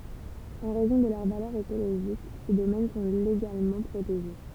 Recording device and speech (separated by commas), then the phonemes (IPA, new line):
temple vibration pickup, read sentence
ɑ̃ ʁɛzɔ̃ də lœʁ valœʁ ekoloʒik se domɛn sɔ̃ leɡalmɑ̃ pʁoteʒe